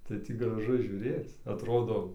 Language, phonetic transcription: Lithuanian, tai ˈtį graˈžu žiūˈrėc atˈrodo

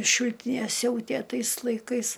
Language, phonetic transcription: Lithuanian, ˈšiltinė ˈsiautė ˈtais laiˈkais

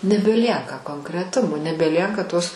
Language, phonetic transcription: Lithuanian, nebeˈlieka konkreˈtumo nebeˈlieka tos

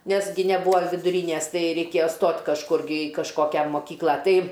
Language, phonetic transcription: Lithuanian, ˈnes gi neˈbūa viduˈrynæs ˈtai reikėja ˈstot' kažˈkur gi i kažˈkokia moˈkykla ˈtai

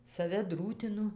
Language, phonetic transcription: Lithuanian, saˈve ˈdrūtinu

